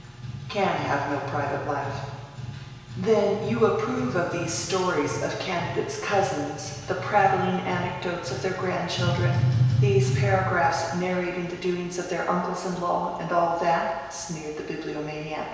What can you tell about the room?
A very reverberant large room.